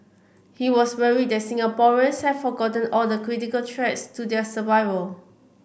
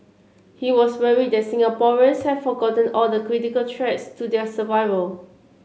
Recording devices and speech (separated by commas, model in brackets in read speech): boundary microphone (BM630), mobile phone (Samsung C7), read sentence